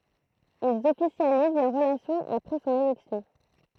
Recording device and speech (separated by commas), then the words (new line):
throat microphone, read sentence
Ils officialisent leur relation après son élection.